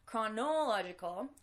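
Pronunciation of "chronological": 'Chronological' is pronounced incorrectly here.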